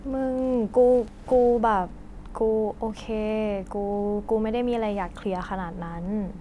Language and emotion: Thai, frustrated